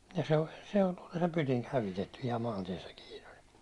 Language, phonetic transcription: Finnish, ja se on , se on , se (tuålta) 'puutiŋk 'hävitetty iham 'maantiɛssä kin ‿oĺ .
- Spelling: ja se on se on se tuolta pytinki hävitetty ihan maantiessä kiinni oli

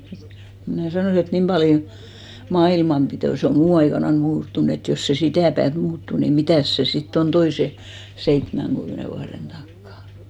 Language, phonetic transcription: Finnish, et mnä̀ 'sanòsi et 'nim paljo , 'mailmampitò 'sè o "muu aikanan 'muuttun ‿et 'jos se "sitä̀ päät 'muuttu ni 'mitä̀s se sit't ‿on 'toise , 'seitmäŋkymmᵉne vuaren 'takkà .
- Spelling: että minä sanoin että niin paljon maailmanpito se on minun aikanani muuttunut että jos se sitä päätä muuttuu niin mitäs se sitten on toisen seitsemänkymmenen vuoden takaa

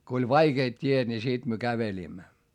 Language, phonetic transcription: Finnish, k ‿oĺ vaikeet t́iet ńi sit myö käveĺiimmä .
- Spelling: kun oli vaikeat tiet niin sitten me kävelimme

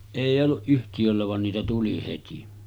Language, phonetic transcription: Finnish, 'èij̆j ‿olluˀ 'ˀyhtijöllä van niitä 'tuli heti .
- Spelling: ei ollut yhtiöllä vaan niitä tuli heti

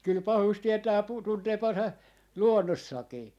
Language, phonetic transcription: Finnish, kyl 'pahus 'tietää 'puut , 'tuntee 'parha- , "luonnossakii .
- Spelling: kyllä pahus tietää puut tuntee - luonnossakin

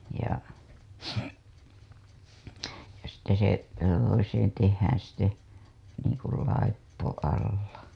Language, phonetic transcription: Finnish, ja , ja sitte se , toiseen tehhäää̰ sitte , niiŋ kul 'laippo ’alla .
- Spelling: ja ja sitten se toiseen tehdään sitten niin kuin laippo alla

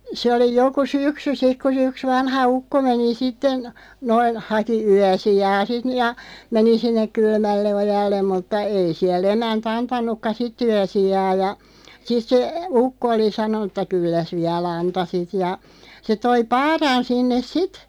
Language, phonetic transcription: Finnish, 'se oli 'joku "syksy 'siᵏ ku se 'yks 'vanha "ukko meni 'sitten , 'noin , 'haki 'yäsijaa "sit n- ja , "meni 'sinnek 'Kylmälle₍ojallem mutta 'ei siä'l ‿emän't ‿antannukka "si't ‿yö§sij̀aa ja , 'sit se , 'ukko oli 'sanon̆nu ‿t̆ta » 'kylläs 'viä"l ‿antasit « ja , 'se toi "Paaran 'sinnes "sit .
- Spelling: se oli joku syksy sitten kun se yksi vanha ukko meni sitten noin haki yösijaa sitten - ja meni sinne Kylmälleojalle mutta ei siellä emäntä antanutkaan sitten yösijaa ja sitten se ukko oli sanonut että kylläs vielä antaisit ja se tuo Paaran sinne sitten

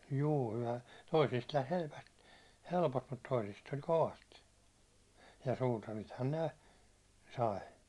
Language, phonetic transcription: Finnish, 'juu , kylhä 'toisist läh(ti) help- , 'helpost mut toisist tul' 'kovast , ja 'suutarithan 'ne , 'sai .
- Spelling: juu kyllähän toisista lähti - helposti mutta toisista tuli kovasti ja suutarithan ne sai

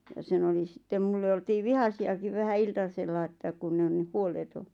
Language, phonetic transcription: Finnish, ja 'sen ‿oli 'sⁱttem mulle 'oltii "vihasi₍akiv vähä 'iltasella ᵉ ttä kun ‿on nih "huoleto .
- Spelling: ja sen oli sitten minulle oltiin vihaisiakin vähän iltasella - että kun on niin huoleton

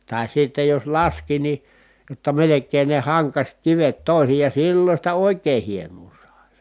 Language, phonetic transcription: Finnish, tài sittej jo laski ni , jotta melek̆keen ne haŋkaś kivet tòisijà sillo sitä òik̀ee hienuu sài̮ .
- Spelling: tai sitten jo laski niin jotta melkein ne hankasi kivet toisiaan silloin sitä oikein hienoa sai

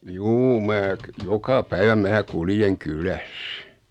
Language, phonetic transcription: Finnish, juu "mää , 'joka 'päivä "mää 'kuljeŋ "kyläs .
- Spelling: juu minä joka päivä minä kuljen kylässä

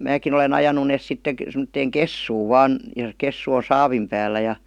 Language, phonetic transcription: Finnish, 'määkin ole"n ‿ajanu nees 'sitte k- , sem°tteeŋ "kessuuv 'vaan , ja 'kessu o "saavim päällä ja ,.
- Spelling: minäkin olen ajanut ne sitten - semmoiseen kessuun vain ja kessu on saavin päällä ja

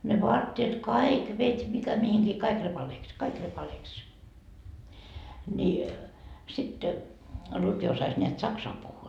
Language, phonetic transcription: Finnish, ne 'voatteet "kaik 'vet́ mikä mihiŋkii "kaik 'repaleeks , 'kaik 'repaleeks , ni , sit , 'Lutvi osas ńeät 'saksam puhhuu .
- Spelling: ne vaatteet kaikki veti mikä mihinkin kaikki repaleeksi kaikki repaleeksi niin sitten Lutvi osasi näet saksan puhua

